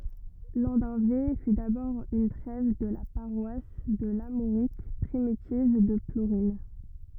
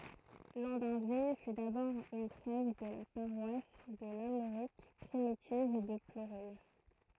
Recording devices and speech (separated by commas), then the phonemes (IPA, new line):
rigid in-ear microphone, throat microphone, read sentence
lɑ̃dœ̃ve fy dabɔʁ yn tʁɛv də la paʁwas də laʁmoʁik pʁimitiv də pluʁɛ̃